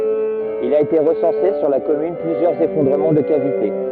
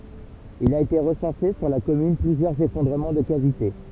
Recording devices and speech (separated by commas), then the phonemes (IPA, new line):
rigid in-ear microphone, temple vibration pickup, read sentence
il a ete ʁəsɑ̃se syʁ la kɔmyn plyzjœʁz efɔ̃dʁəmɑ̃ də kavite